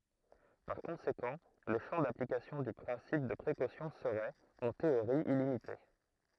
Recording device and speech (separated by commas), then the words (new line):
throat microphone, read sentence
Par conséquent, le champ d'application du principe de précaution serait, en théorie illimité.